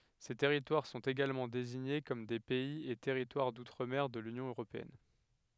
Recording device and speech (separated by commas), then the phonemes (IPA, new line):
headset microphone, read sentence
se tɛʁitwaʁ sɔ̃t eɡalmɑ̃ deziɲe kɔm de pɛiz e tɛʁitwaʁ dutʁ mɛʁ də lynjɔ̃ øʁopeɛn